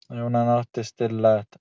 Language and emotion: Italian, sad